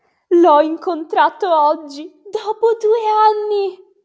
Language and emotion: Italian, happy